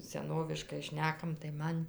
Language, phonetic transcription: Lithuanian, seˈnoviškai ˈšnekam tai ˈman

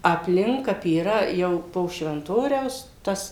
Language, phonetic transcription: Lithuanian, apˈlink ˈkap yˈra ˈjau po švenˈtoriaus ˈtas

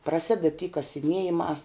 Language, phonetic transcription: Lithuanian, praˈsided ty kasiˈniejimā

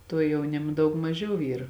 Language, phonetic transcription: Lithuanian, ˈtuo jauˈnima ˈdaug maˈžiau ˈyr

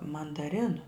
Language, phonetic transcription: Lithuanian, mandaˈrinu

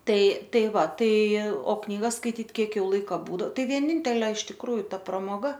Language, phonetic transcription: Lithuanian, ˈtai ˈtai ˈva ˈtai o knyˈgas skaiˈtyt ˈkiek ˈjau ˈlaika ˈbūdo ˈtai vieˈnintelė iš tikˈrųju ˈta pramoˈga

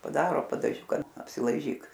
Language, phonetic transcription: Lithuanian, paˈdaro padaˈžiuka apsilaiˈžyk

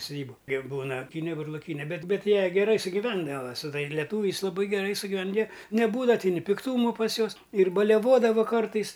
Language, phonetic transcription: Lithuanian, suˈdybu kiek ˈbūna aˈpyne burloˈkyne ˈbet ˈbet ˈjie geˈrai sugiˈvendava su ˈtai leˈtūviais laˈbai geˈrai sugiˈven jie neˈbūdava ti ni pikˈtūmu pas ˈjuos ir baliaˈvodavu ˈkartais

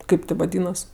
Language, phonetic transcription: Lithuanian, ˈkaip ti vaˈdynas

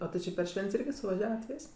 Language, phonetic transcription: Lithuanian, o ti ˈči per ˈšvent's' ˈirgi suvaˈžiavat ˈvis'

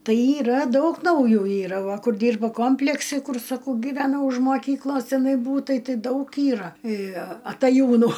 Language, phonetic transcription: Lithuanian, ˈtai yˈra ˈdaug nauˈjų ˈyra ˈva ˈkur ˈdyrba ˈkompleksi ˈkur saˈkau gyveˈnau už moˈkyklos tiˈnai ˈbūtai ˈtɨ daug ˈyra ataˈjūnu

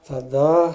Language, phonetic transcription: Lithuanian, taˈda

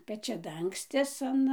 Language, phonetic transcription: Lithuanian, pečiaˈdangstis an

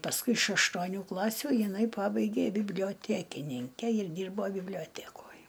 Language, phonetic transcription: Lithuanian, pasˈkui iš aštuoˈnių ˈklasių jiˈnai ˈpabaigė biblijoˈtekininke ir ˈdyrbo biblioˈtekoj

